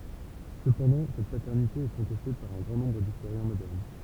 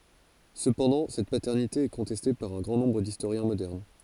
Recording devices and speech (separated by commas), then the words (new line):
temple vibration pickup, forehead accelerometer, read sentence
Cependant, cette paternité est contestée par un grand nombre d'historiens modernes.